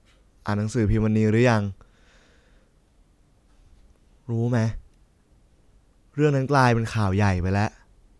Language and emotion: Thai, frustrated